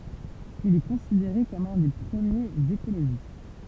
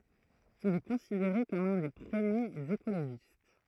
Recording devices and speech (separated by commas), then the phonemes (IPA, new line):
temple vibration pickup, throat microphone, read sentence
il ɛ kɔ̃sideʁe kɔm œ̃ de pʁəmjez ekoloʒist